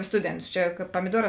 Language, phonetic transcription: Lithuanian, ˈstudenˌtus ˈčia kad pamiˈduorā

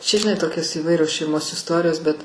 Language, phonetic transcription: Lithuanian, ˈčia žiˈnai ˈtokios įˈvairios šeiˈmos isˈtorijos bet

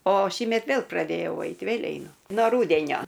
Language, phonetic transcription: Lithuanian, o ˈšįmet ˈvėl praˈdėjau ˈait vėl' eiˈnu ˈno ˈrūdenio

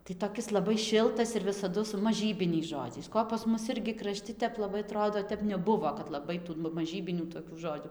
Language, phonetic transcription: Lithuanian, tai toˈkis laˈbai ˈšiltas ir visaˈdu su maˈžybiniais ˈžodžiais ˈko pas ˈmus ˈirgi kraˈšti tep laˈbai aˈtrodo ˈtep neˈbuvo kad laˈbai tų ˈnu maˈžybinių tokių ˈžodžiu

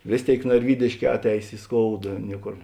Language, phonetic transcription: Lithuanian, ˈvės ˌtėik narˈvydėšˌkē ˈatˌeis i ˈskouda ˈnieˌkor

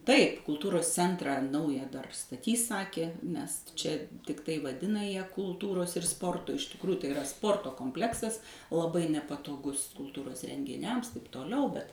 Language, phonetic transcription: Lithuanian, ˈtaip kulˈtūros ˈcentrą ˈnauja dar staˈtys ˈsakė nes ˈčia tikˈtai vaˈdina ją kulˈtūros ir ˈsporto iš tikˈruju tai iˈra ˈsporto kompˈleksas laˈbai nepatoˈgus kulˈtūros rengiˈniams taip toˈliau bet

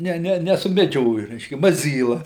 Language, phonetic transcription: Lithuanian, ˈne ˈne nesumeˈdžioju ˈreiškia maˈzyla

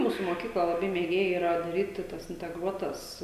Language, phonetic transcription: Lithuanian, ˈmūsu moˈkykla laˈbai mėˈgėja yˈra daˈryti tas inteˈgruotas

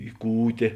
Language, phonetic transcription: Lithuanian, i ˈkūtė

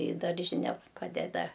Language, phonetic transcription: Lithuanian, į ˈdaržine ˈpadeda

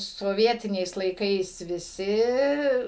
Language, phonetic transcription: Lithuanian, soˈvietiniais laiˈkais viˈsi

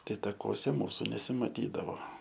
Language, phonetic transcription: Lithuanian, ˈtai takuoˈse ˈmūsu nesimaˈtydavo

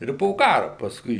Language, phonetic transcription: Lithuanian, ˈir po ˈkaru pasˈkui

